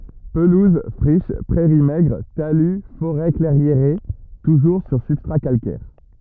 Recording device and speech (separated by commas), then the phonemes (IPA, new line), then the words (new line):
rigid in-ear microphone, read sentence
pəluz fʁiʃ pʁɛʁi mɛɡʁ taly foʁɛ klɛʁjeʁe tuʒuʁ syʁ sybstʁa kalkɛʁ
Pelouses, friches, prairies maigres, talus, forêts clairiérées, toujours sur substrat calcaire.